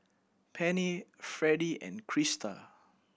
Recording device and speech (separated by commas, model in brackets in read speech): boundary microphone (BM630), read sentence